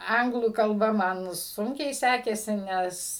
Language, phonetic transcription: Lithuanian, ˈanglų kalˈba ˈman ˈsunkiai ˈsekėsi ˈnes

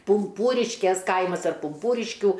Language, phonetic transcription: Lithuanian, pumˈpūriškės ˈkaimas ar pumˈpūriškių

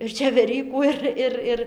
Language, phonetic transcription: Lithuanian, ir čeveˈrykų ˈir ˈir ˈir

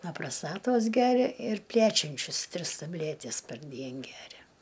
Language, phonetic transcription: Lithuanian, na praˈstatos ˈgeria ir ˈplæčiančius ˈtris taˈblætis parˈdien ˈgeria

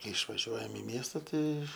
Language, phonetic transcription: Lithuanian, ˈkai išvaˈžiuojam i ˈmiesta ˈtai

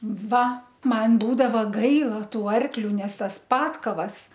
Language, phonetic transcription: Lithuanian, ˈva ˈman ˈbūdava ˈgaila ˈtų ˈarkliu ˈnes ˈtas ˈpatkavas

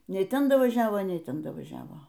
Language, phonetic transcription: Lithuanian, ˈnei ˈten davaˈžiavo ˈnei ˈten davaˈžiavo

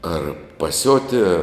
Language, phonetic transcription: Lithuanian, ˈar paˈsiotie

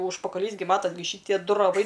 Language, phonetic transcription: Lithuanian, užpakaˈlys gi ˈmatas' gi ˈšytie ˈdu raˈvai

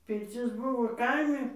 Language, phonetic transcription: Lithuanian, pirˈcis ˈbuvo ˈkaimi

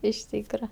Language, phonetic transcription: Lithuanian, iš ˈtykra

